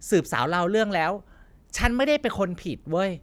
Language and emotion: Thai, frustrated